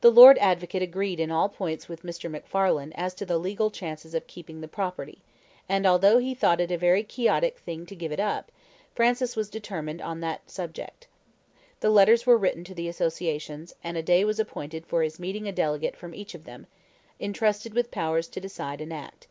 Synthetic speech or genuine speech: genuine